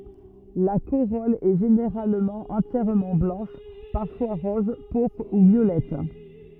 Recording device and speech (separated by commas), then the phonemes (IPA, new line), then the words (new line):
rigid in-ear microphone, read sentence
la koʁɔl ɛ ʒeneʁalmɑ̃ ɑ̃tjɛʁmɑ̃ blɑ̃ʃ paʁfwa ʁɔz puʁpʁ u vjolɛt
La corolle est généralement entièrement blanche, parfois rose, pourpre ou violette.